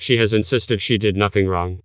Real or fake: fake